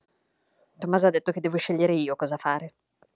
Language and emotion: Italian, angry